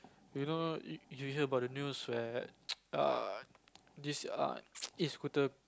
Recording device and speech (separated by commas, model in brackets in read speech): close-talking microphone, conversation in the same room